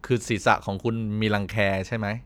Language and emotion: Thai, neutral